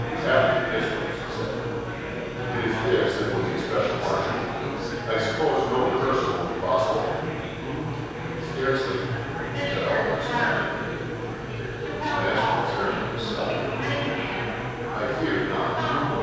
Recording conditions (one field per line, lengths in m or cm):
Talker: one person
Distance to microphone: 7.1 m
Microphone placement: far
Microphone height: 1.7 m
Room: very reverberant, large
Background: babble